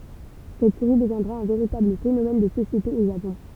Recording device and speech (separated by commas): temple vibration pickup, read sentence